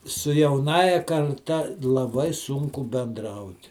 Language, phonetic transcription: Lithuanian, su jauˈnąja karˈta laˈbai ˈsunku benˈdraut

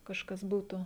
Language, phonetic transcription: Lithuanian, kažˈkas ˈbūtu

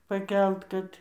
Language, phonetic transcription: Lithuanian, paˈkelt kad

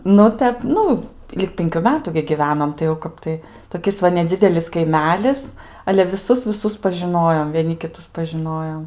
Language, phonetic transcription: Lithuanian, ˈnu ˈtep ˈnu ˈlig ˈpinkiu ˈmetu gi givenom tai jau ˈkap tai toˈkis va neˈdzidelis kaiˈmelis ale viˈsus viˈsus pažiˈnojom vieˈni kiˈtus pažiˈnojom

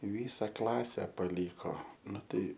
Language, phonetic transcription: Lithuanian, i ˈvysa ˈklase paˈlyko ˈnu ˈtai

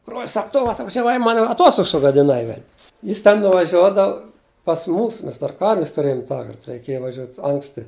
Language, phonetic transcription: Lithuanian, brol's ˈsak ˈtu atvažiaˈvai ˈman aˈtostogs sugadiˈnai vel' ˈjis ten nuvaˈžiuodav pas ˈmūs ˈmes dar ˈkarvis tuˈrėjum ˈtąkart reiˈkėja vaˈžiuot' ˈanksti

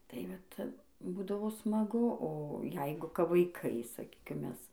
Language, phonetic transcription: Lithuanian, tai ˈvat ˈbūdavo smaˈgu o ˈjeigu kap vaiˈkai saˈkykim ˈmes

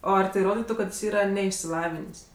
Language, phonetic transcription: Lithuanian, ˈo ˈar tai ˈroditu kad ˈjis ˈyra neišsiˈlavinės'

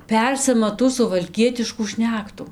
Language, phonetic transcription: Lithuanian, ˈpersima tų suvalˈkietiškų ˈšnektu

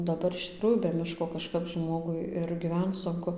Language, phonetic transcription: Lithuanian, daˈbar iš tikˈrųjų be ˈmiško kaˈžkap ˈžmogui ir giˈvenc sunˈku

